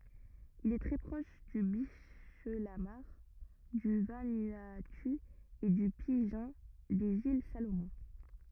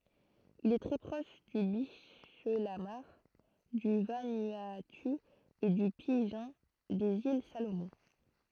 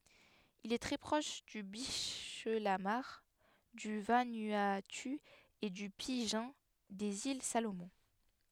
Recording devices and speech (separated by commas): rigid in-ear microphone, throat microphone, headset microphone, read sentence